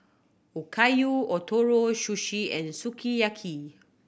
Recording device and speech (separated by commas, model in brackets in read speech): boundary microphone (BM630), read sentence